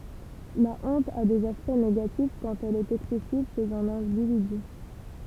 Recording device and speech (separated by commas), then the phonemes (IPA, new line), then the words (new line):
temple vibration pickup, read sentence
la ɔ̃t a dez aspɛkt neɡatif kɑ̃t ɛl ɛt ɛksɛsiv ʃez œ̃n ɛ̃dividy
La honte a des aspects négatifs quand elle est excessive chez un individu.